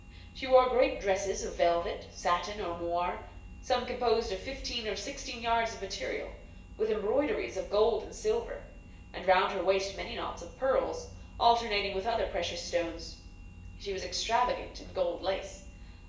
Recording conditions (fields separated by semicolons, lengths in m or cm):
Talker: one person; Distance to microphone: 1.8 m; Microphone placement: close; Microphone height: 1.0 m; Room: large; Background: none